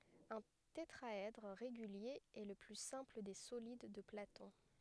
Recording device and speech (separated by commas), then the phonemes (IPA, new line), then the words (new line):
headset microphone, read sentence
œ̃ tetʁaɛdʁ ʁeɡylje ɛ lə ply sɛ̃pl de solid də platɔ̃
Un tétraèdre régulier est le plus simple des solides de Platon.